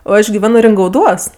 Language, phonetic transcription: Lithuanian, o ˈaš giˈveno ringauˈduos

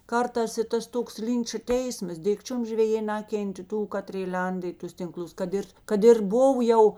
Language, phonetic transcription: Lithuanian, ˈkarˌtās i ˈtas ˈtoks ˈlinča ˈteismas ˈdikčium žveˈjė ˈnakentė ˈtų ˈkatrė ˈlenda i ˈtus tinˈklus kad ˈir ˈkad ir ˈbuv jau

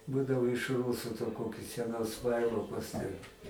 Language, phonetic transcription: Lithuanian, ˈbūdavo iš ˈrūsu to ˈkokius seˈnus ˈvailokus ten

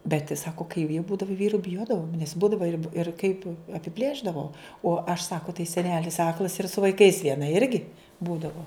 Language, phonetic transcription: Lithuanian, bet' ˈsako kai vie ˈbūdavo ˈvyru biˈjodavom nes ˈbūdava ir ir kaip apiˈplėšdavo o aš ˈsako tai seˈnelis ˈaklas ir su vaiˈkais vieˈna ˈirgi ˈbūdavo

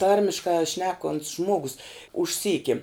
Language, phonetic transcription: Lithuanian, ˈtarmiškā ˈšnekont's ˈžmogus užˈsyki

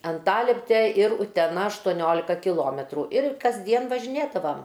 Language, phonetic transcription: Lithuanian, anˈtalepte ir uteˈna aštoˈniolika kiˈlometrų ir kasˈdien važiˈnėdavam

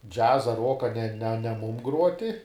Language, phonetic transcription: Lithuanian, ˈdžiaza ˈruoka ne ne ne ˈmūm ˈgruoti

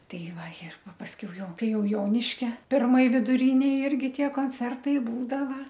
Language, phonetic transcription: Lithuanian, ˈtai ˈva ir ˈpa pasˈkiau ˈjau ˈkai ˈjau ˈjoniškia pirˈmoj viduˈrinėj ˈirgi ˈtie konˈcertai ˈbūdava

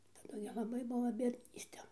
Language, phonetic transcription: Lithuanian, taˈdu gi laˈbai ˈbuo biedˈnyste

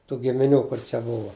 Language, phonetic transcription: Lithuanian, tų gimiˈnių ˈkur čia ˈbuva

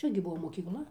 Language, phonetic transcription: Lithuanian, ˈčia gi ˈbuo mokykˈla

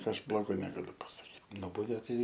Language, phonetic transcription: Lithuanian, ˈaš ˈblogo negaˈliu pasaˈkyt ˈnubaudė ˈtai

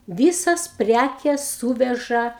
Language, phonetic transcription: Lithuanian, ˈvysas ˈprækes ˈsūveža

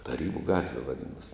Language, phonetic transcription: Lithuanian, taˈrybu ˈgatve vaˈdinos'

